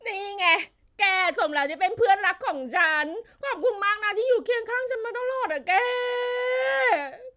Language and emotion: Thai, happy